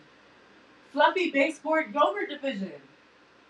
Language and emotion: English, sad